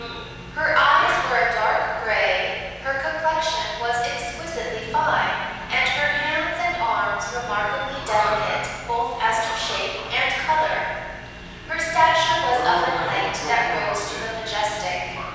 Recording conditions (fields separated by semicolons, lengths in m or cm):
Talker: one person; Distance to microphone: 7.1 m; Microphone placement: far; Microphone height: 1.7 m; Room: very reverberant, large; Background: television